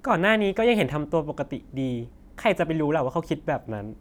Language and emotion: Thai, frustrated